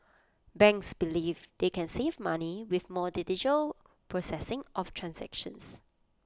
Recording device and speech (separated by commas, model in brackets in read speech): close-talking microphone (WH20), read sentence